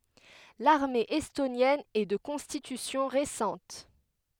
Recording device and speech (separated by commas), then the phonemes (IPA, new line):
headset microphone, read sentence
laʁme ɛstonjɛn ɛ də kɔ̃stitysjɔ̃ ʁesɑ̃t